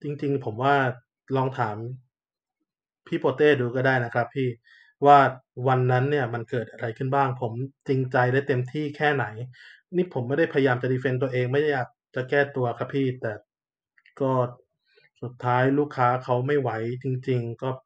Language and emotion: Thai, frustrated